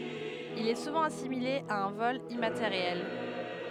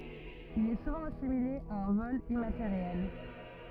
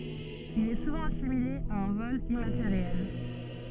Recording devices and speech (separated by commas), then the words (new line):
headset microphone, rigid in-ear microphone, soft in-ear microphone, read sentence
Il est souvent assimilé à un vol immatériel.